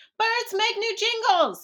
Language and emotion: English, surprised